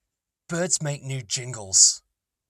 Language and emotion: English, disgusted